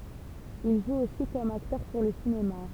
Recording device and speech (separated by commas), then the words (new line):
temple vibration pickup, read sentence
Il joue aussi comme acteur pour le cinéma.